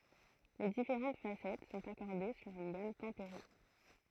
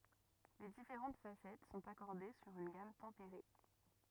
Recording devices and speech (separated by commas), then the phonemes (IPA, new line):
throat microphone, rigid in-ear microphone, read sentence
le difeʁɑ̃t fasɛt sɔ̃t akɔʁde syʁ yn ɡam tɑ̃peʁe